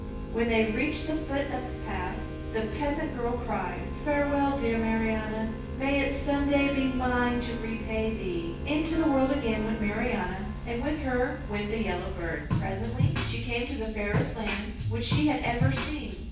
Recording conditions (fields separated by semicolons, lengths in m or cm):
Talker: one person; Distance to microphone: 9.8 m; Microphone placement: far; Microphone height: 1.8 m; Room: large; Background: music